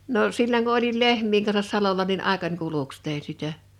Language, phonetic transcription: Finnish, 'no , 'silloŋ ku olil "lehm̀iiŋ kansas 'salola nin 'àekań 'kuluks 'tèin̬ 'sitä .
- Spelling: no silloin kun olin lehmien kanssa salolla niin aikani kuluksi tein sitä

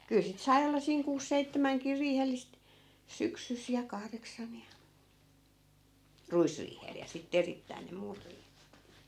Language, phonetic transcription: Finnish, kyl sit 'sai̮ olla siiŋ 'kuus 'seittämäŋkir 'riihellist , "syksys ja , 'kahreksan ja , "ruisriihel ja sitte 'erittäin ne 'muut rii .
- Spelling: kyllä sitten sai olla siinä kuusi seitsemänkin riihellistä syksyssä ja kahdeksan ja ruisriihellä ja sitten erittäin ne muut -

